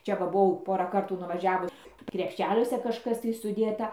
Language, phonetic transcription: Lithuanian, ˈčia ˈva buˈvau ˈporą ˈkartų nuvaˈžiavu krepˈšeliuose kažˈkas tai suˈdėta

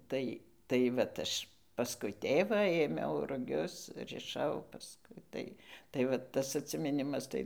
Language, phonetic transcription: Lithuanian, ˈtai tai ˈvat ˈaš pasˈkui ˈtėvą ėˈmiau ruˈgius riˈšau pasˈkui tai tai va ˈtas atsimiˈnimas ˈtai

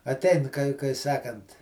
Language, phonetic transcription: Lithuanian, aˈtein kai kai ˈsakant

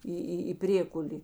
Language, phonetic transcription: Lithuanian, ˈį ˈį į ˈprėkulė

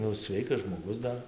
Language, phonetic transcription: Lithuanian, ˈnu ˈsveikas žmoˈgus ˈdar

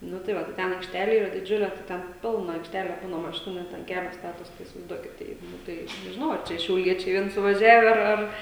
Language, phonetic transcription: Lithuanian, ˈnu tai ˈva tai ˈten aikšˈtele ˈyra diˈdžiule tai ˈten ˈpilna aikšˈtele ˈbūna maˈšinu ˈnet an ˈkelio ˈstatos tai isivaizˈduokit ˈtai ˈnu tai nežiˈnau ar ˈčia šiauˈliečiai ˈvien suvaˈžiave ar ˈar

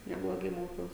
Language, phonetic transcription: Lithuanian, nebloˈgai ˈmokiaus

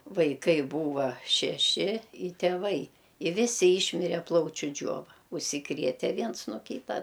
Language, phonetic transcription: Lithuanian, vaiˈkai ˈbūva šeˈši i tėˈvai i ˈvisi ˈyšmire ˈplaučiu ˈdžiova užsiˈkriete ˈviens no ˈkyta

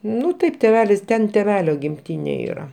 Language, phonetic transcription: Lithuanian, ˈnu ˈtaip tėˈvelis ˈten tėˈvelio gimˈtynė ˈyra

